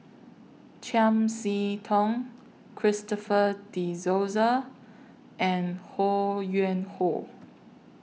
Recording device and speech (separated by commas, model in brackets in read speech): mobile phone (iPhone 6), read sentence